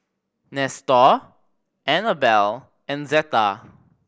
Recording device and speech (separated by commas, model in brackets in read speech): boundary microphone (BM630), read sentence